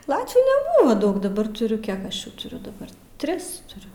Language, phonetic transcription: Lithuanian, ˈlatvių neˈbūva ˈdaug daˈbar tuˈriu ˈkiek aš ˈjų tuˈriu daˈbar ˈtris tuˈriu

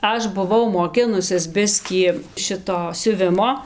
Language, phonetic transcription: Lithuanian, ˈaš buˈvau moˈkinusis ˈbiskį ˈšito siuˈvimo

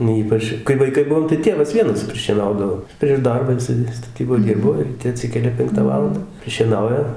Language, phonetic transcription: Lithuanian, nu ˈypač kai vaiˈkai ˈbuvom tai ˈtėvas ˈvienas prišieˈnaudavo prieš ˈdarbą jiˈsai staˈtyboj ˈdirbo ryˈte aˈtsikelia ˈpenktą ˈvalandą prišieˈnauja

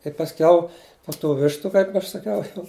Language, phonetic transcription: Lithuanian, tai pasˈkiau po tų ˈvištu ˈkaip aš saˈkiau jau

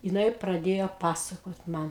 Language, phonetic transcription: Lithuanian, jiˈnai praˈdėjo ˈpasakot ˈman

